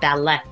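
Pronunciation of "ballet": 'Ballet' is pronounced incorrectly here, with the t sounded at the end; in the correct pronunciation the t is silent.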